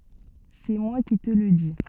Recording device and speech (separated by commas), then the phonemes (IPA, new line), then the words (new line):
soft in-ear microphone, read sentence
sɛ mwa ki tə lə di
C’est moi qui te le dis.